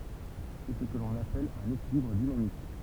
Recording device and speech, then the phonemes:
temple vibration pickup, read sentence
sɛ sə kə lɔ̃n apɛl œ̃n ekilibʁ dinamik

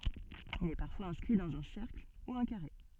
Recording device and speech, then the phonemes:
soft in-ear microphone, read sentence
il ɛ paʁfwaz ɛ̃skʁi dɑ̃z œ̃ sɛʁkl u œ̃ kaʁe

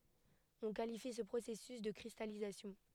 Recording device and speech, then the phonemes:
headset microphone, read sentence
ɔ̃ kalifi sə pʁosɛsys də kʁistalizasjɔ̃

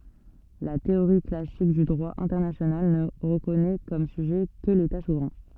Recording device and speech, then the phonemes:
soft in-ear microphone, read sentence
la teoʁi klasik dy dʁwa ɛ̃tɛʁnasjonal nə ʁəkɔnɛ kɔm syʒɛ kə leta suvʁɛ̃

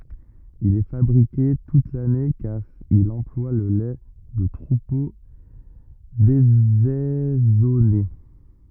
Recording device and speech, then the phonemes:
rigid in-ear microphone, read sentence
il ɛ fabʁike tut lane kaʁ il ɑ̃plwa lə lɛ də tʁupo dezɛzɔne

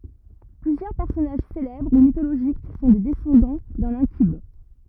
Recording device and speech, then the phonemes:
rigid in-ear microphone, read sentence
plyzjœʁ pɛʁsɔnaʒ selɛbʁ u mitoloʒik sɔ̃ de dɛsɑ̃dɑ̃ dœ̃n ɛ̃kyb

